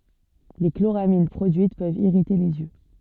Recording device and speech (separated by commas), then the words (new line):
soft in-ear microphone, read sentence
Les chloramines produites peuvent irriter les yeux.